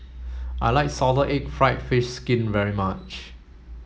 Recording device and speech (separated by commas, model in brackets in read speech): mobile phone (Samsung S8), read sentence